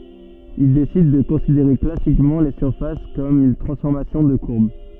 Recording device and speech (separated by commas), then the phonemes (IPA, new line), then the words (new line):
soft in-ear microphone, read sentence
il desid də kɔ̃sideʁe klasikmɑ̃ le syʁfas kɔm yn tʁɑ̃sfɔʁmasjɔ̃ də kuʁb
Il décide de considérer classiquement les surfaces comme une transformation de courbes.